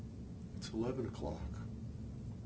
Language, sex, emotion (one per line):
English
male
neutral